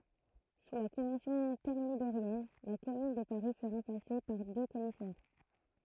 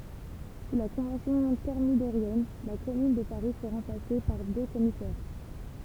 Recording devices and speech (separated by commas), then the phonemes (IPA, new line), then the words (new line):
throat microphone, temple vibration pickup, read sentence
su la kɔ̃vɑ̃sjɔ̃ tɛʁmidoʁjɛn la kɔmyn də paʁi fy ʁɑ̃plase paʁ dø kɔmisɛʁ
Sous la Convention thermidorienne, la Commune de Paris fut remplacée par deux commissaires.